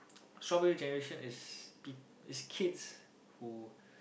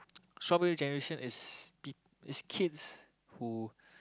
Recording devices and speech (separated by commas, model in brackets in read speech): boundary microphone, close-talking microphone, conversation in the same room